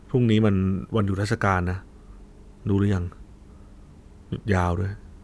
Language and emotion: Thai, frustrated